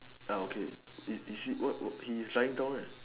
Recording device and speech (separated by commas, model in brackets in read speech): telephone, conversation in separate rooms